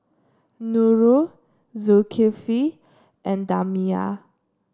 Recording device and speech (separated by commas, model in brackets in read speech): standing microphone (AKG C214), read sentence